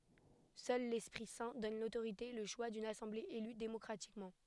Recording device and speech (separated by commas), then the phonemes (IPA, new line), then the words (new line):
headset microphone, read sentence
sœl lɛspʁi sɛ̃ dɔn lotoʁite e lə ʃwa dyn asɑ̃ble ely demɔkʁatikmɑ̃
Seul l'Esprit Saint donne l'autorité, et le choix d'une assemblée élue démocratiquement.